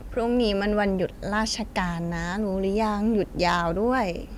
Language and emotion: Thai, frustrated